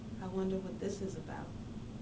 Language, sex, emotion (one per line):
English
female
sad